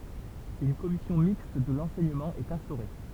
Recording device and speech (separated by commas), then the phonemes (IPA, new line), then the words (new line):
temple vibration pickup, read sentence
yn kɔmisjɔ̃ mikst də lɑ̃sɛɲəmɑ̃ ɛt ɛ̃stoʁe
Une commission mixte de l'enseignement est instaurée.